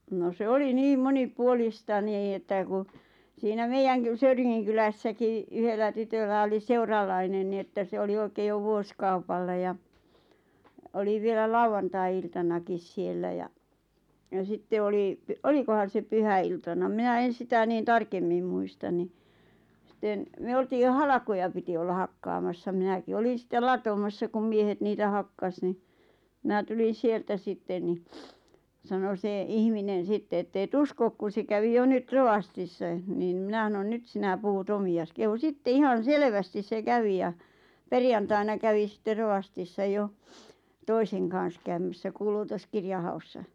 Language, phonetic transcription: Finnish, no 'se oli "niim "moni'puolista nii ᵉttä ku , siinä 'meijäŋ ky- "Söyriŋŋiŋ kylässäki , 'yhellä ’tytöllä oli(s) "seurallainen ni että 'se oli 'oikeej jo "vuoskaupalla ja , 'oli vielä 'lauwantai̬₍iltanakis 'siellä ja , ja 'sitte oli , 'olikohan̬ se 'pyhä₍iltana 'minä "en̬ 'sitä 'niin "tarkemmim muistan ni , sⁱten , myö 'oltiij jo "halᵃkoja piti olla 'hakkaamassa 'minäki "olin̬ sⁱttel "latomassa kum 'miehet niitä 'hakkas ni , mⁱnä "tulin̬ 'sieltä "sitten ni , sano 'se , 'ihminen̬ 'sitte ett‿ » èt "uskok kun̬ se 'kävi jo 'nyt "rovastissaᵉ « niin ⁿⁱ 'mⁱnä ˢanon » "nyt "sinä "puhut "omi₍as « kehu "sitte » 'ihan̬ "selvästis 'se 'kävi ja « , "perjantaina 'kävi sⁱtte 'rovastissa "jo , "toiseŋ kàn̬s käymässä "kuulutoskirja haussa .
- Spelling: no se oli niin monipuolista niin että kun siinä meidän - Söyringin kylässäkin yhdellä tytöllä oli seuralainen niin että se oli oikein jo vuosikaupalla ja oli vielä lauantai-iltanakin siellä ja ja sitten oli olikohan se pyhäiltana minä en sitä niin tarkemmin muista niin sitten me oltiin jo halkoja piti olla hakkaamassa minäkin olin sitten latomassa kun miehet niitä hakkasi niin minä tulin sieltä sitten niin sanoi se ihminen sitten että et usko kun se kävi jo nyt rovastissa niin no minä sanoin nyt sinä puhut omiasi kehui sitten ihan selvästi se kävi ja perjantaina kävi sitten rovastissa jo toisen kanssa käymässä kuulutuskirjan haussa

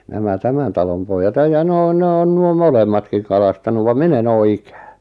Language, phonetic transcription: Finnish, 'nämä "tämän 'talom 'poijjat (ei ja 'ne on) ne 'on 'nuo "molemmatkiŋ 'kalastanu vam "min ‿en 'oo "ikᴀ̈ᴀ̈ .
- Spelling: nämä tämän talon pojat ei ja ne on ne on nuo molemmatkin kalastanut vaan minä en ole ikinä

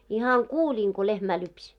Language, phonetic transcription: Finnish, ihaŋ "kuuĺiiŋ ko lehmä lypś .
- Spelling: ihan kuulin kun lehmää lypsi

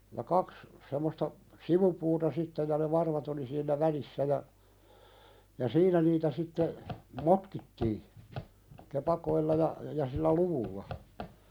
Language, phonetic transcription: Finnish, ja 'kaks , semmosta "sivupuuta 'sitte ja ne 'varvat ‿oli siinnä "välissä ja , ja 'siinä niitä sitte , "motkittii , 'kepakoilla ja , ja sillä "luvulla .
- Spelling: ja kaksi semmoista sivupuuta sitten ja ne varvat oli siinä välissä ja ja siinä niitä sitten motkittiin kepakoilla ja ja sillä luvulla

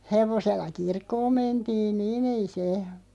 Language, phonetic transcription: Finnish, 'hevosella "kirkkoom 'mentiin "niin ‿ei se ,.
- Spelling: hevosella kirkkoon mentiin niin ei se

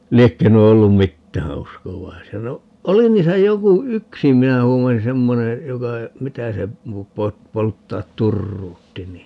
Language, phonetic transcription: Finnish, 'liekkö nuo 'ollum "mittää 'uskovaisia - no , "oli niisä 'joku , "yksi 'minä 'luulen 'semmone , 'joka , 'mitä se , 'po- , 'po- , 'polttaat "turruutti ni ,.
- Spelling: liekö nuo ollut mitään uskovaisia no oli niissä joku yksi minä luulen semmoinen joka mitä se - - polttaa turruutti niin

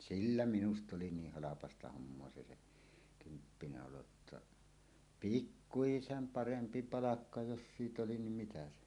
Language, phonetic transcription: Finnish, sillä 'minust ‿oli 'niih "halapasta "hommoa 'se se , "kymppinä 'oloᵊtta , "pikkuisem "parempi 'palakka jos siit ‿oli nim 'mitä se .
- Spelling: sillä minusta oli niin halpaa hommaa se se kymppinä olo jotta pikkuisen parempi palkka jos siitä oli niin mitä se

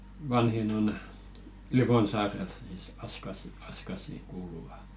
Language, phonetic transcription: Finnish, 'vanhin ‿on , "Livonsaarel sìs 'Askasi , 'Askasì kuuluva .
- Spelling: vanhin on Livonsaarella sitten Askaisiin Askaisiin kuuluvat

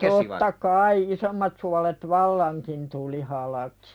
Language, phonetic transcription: Finnish, totta "kai 'isommat sualet "vallaŋkin tuli halakɪ .
- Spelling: totta kai isommat suolet vallankin tuli halki

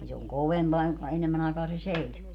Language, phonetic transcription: Finnish, ni se oŋ "kovempaa joŋka 'enemmän ‿aekaa se "seisuu .
- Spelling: niin se on kovempaa jonka enemmän aikaa se seisoo

